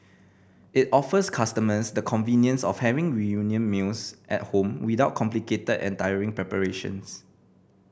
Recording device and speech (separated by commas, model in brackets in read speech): boundary microphone (BM630), read sentence